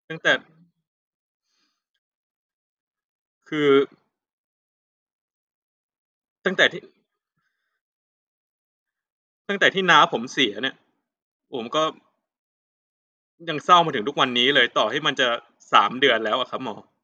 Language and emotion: Thai, sad